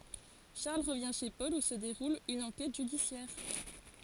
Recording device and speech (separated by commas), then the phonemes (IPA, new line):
forehead accelerometer, read sentence
ʃaʁl ʁəvjɛ̃ ʃe pɔl u sə deʁul yn ɑ̃kɛt ʒydisjɛʁ